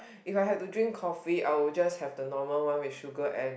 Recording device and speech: boundary microphone, conversation in the same room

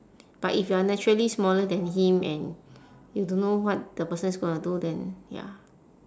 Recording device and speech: standing microphone, conversation in separate rooms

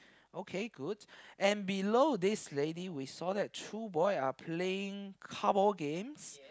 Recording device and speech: close-talking microphone, conversation in the same room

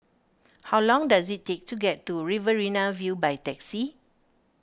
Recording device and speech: standing microphone (AKG C214), read sentence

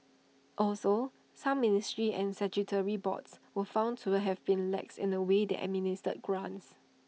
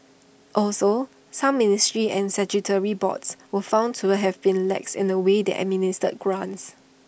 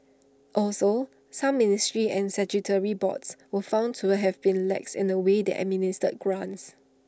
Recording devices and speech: mobile phone (iPhone 6), boundary microphone (BM630), standing microphone (AKG C214), read sentence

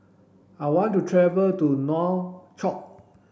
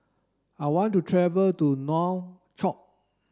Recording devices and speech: boundary microphone (BM630), standing microphone (AKG C214), read sentence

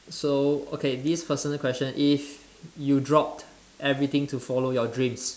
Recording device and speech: standing microphone, conversation in separate rooms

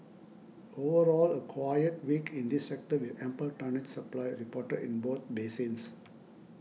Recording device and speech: mobile phone (iPhone 6), read sentence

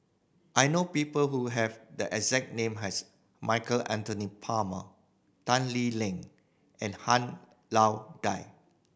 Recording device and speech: boundary microphone (BM630), read sentence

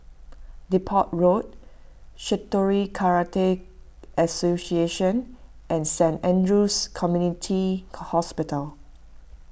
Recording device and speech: boundary microphone (BM630), read sentence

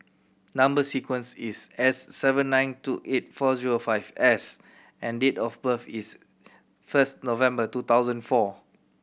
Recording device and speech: boundary microphone (BM630), read sentence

